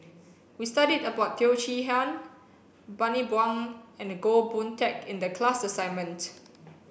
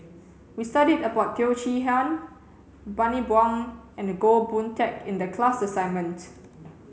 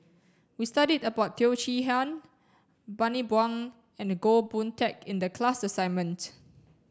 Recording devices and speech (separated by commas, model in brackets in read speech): boundary microphone (BM630), mobile phone (Samsung C7), standing microphone (AKG C214), read sentence